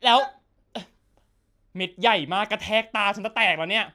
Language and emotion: Thai, frustrated